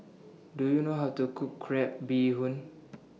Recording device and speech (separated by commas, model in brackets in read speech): mobile phone (iPhone 6), read sentence